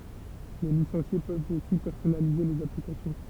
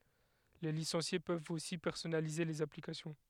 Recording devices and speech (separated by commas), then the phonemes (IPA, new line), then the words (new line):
temple vibration pickup, headset microphone, read sentence
le lisɑ̃sje pøvt osi pɛʁsɔnalize lez aplikasjɔ̃
Les licenciés peuvent aussi personnaliser les applications.